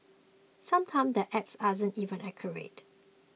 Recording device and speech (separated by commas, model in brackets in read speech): mobile phone (iPhone 6), read sentence